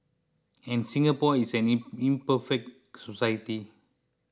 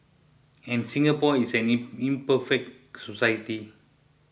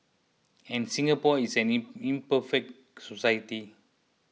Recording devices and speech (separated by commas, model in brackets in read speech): close-talking microphone (WH20), boundary microphone (BM630), mobile phone (iPhone 6), read sentence